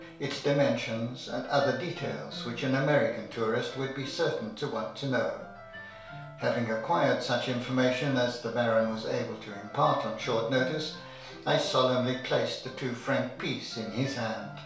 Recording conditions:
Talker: one person; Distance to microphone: 1.0 m; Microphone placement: close; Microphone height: 1.1 m; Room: small (3.7 m by 2.7 m); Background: music

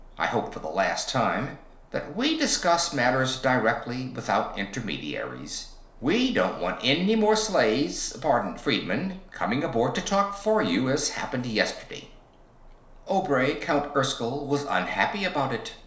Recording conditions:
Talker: one person; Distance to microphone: 1.0 m; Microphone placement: close; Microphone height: 1.1 m; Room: small (3.7 m by 2.7 m); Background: none

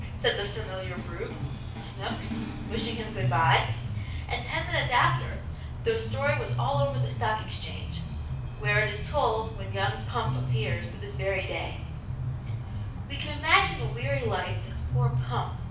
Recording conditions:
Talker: one person; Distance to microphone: 5.8 m; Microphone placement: far; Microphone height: 1.8 m; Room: medium-sized (5.7 m by 4.0 m); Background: music

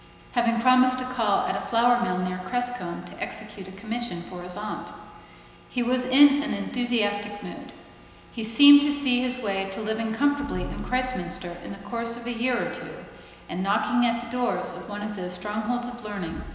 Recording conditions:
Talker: one person; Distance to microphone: 1.7 m; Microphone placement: close; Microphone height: 1.0 m; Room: very reverberant, large; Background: none

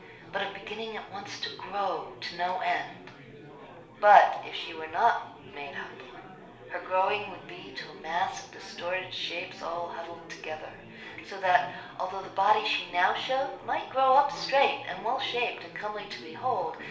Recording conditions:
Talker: one person; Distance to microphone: 1.0 m; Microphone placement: close; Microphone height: 1.1 m; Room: small (3.7 m by 2.7 m); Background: babble

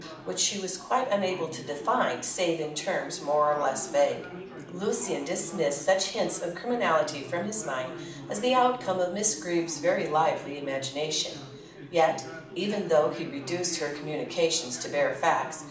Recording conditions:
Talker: one person; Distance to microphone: 2.0 m; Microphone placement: close; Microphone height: 99 cm; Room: medium-sized (5.7 m by 4.0 m); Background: babble

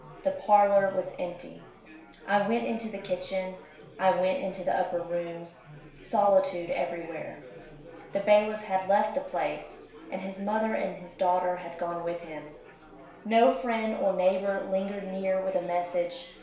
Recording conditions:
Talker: one person; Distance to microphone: 1.0 m; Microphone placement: close; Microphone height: 1.1 m; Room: small (3.7 m by 2.7 m); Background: babble

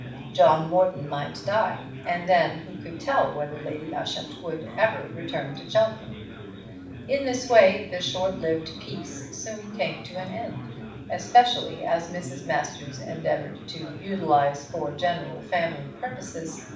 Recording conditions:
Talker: one person; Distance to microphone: 5.8 m; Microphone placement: far; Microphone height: 1.8 m; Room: medium-sized (5.7 m by 4.0 m); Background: babble

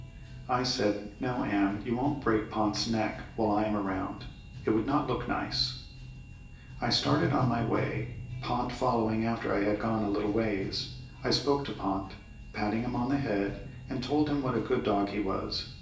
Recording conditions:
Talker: one person; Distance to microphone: 1.8 m; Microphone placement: close; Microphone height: 1.0 m; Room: large; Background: music

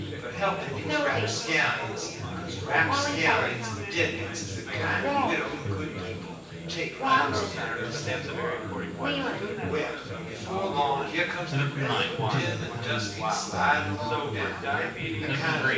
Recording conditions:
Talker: one person; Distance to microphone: 9.8 m; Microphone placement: far; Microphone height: 1.8 m; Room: large; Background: babble

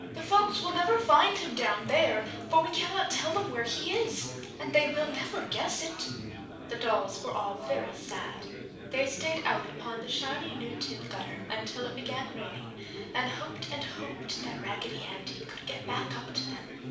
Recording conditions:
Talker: one person; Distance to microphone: 5.8 m; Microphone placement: far; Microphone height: 1.8 m; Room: medium-sized (5.7 m by 4.0 m); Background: babble

